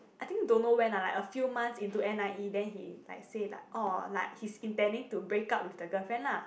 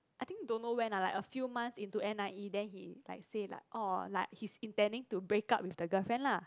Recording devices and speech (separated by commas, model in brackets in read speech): boundary microphone, close-talking microphone, conversation in the same room